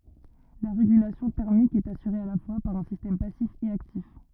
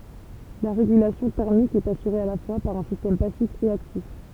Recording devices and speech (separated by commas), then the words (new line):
rigid in-ear microphone, temple vibration pickup, read sentence
La régulation thermique est assurée à la fois par un système passif et actif.